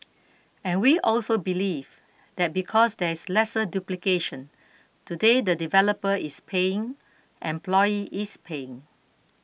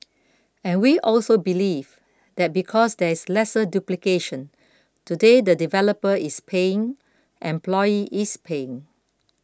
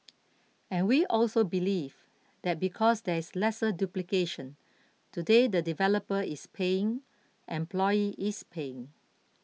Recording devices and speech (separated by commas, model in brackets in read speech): boundary microphone (BM630), close-talking microphone (WH20), mobile phone (iPhone 6), read sentence